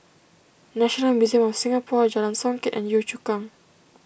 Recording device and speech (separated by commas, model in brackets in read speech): boundary microphone (BM630), read sentence